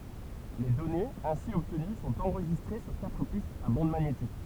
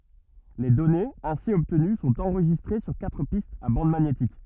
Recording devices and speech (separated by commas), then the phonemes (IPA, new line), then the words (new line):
temple vibration pickup, rigid in-ear microphone, read sentence
le dɔnez ɛ̃si ɔbtəny sɔ̃t ɑ̃ʁʒistʁe syʁ katʁ pistz a bɑ̃d maɲetik
Les données ainsi obtenues sont enregistrées sur quatre pistes à bande magnétique.